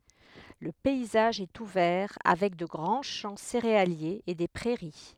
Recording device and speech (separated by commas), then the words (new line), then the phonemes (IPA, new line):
headset microphone, read sentence
Le paysage est ouvert avec de grands champs céréaliers et des prairies.
lə pɛizaʒ ɛt uvɛʁ avɛk də ɡʁɑ̃ ʃɑ̃ seʁealjez e de pʁɛʁi